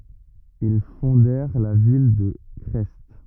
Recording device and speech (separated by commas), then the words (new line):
rigid in-ear microphone, read sentence
Ils fondèrent la ville de Crest.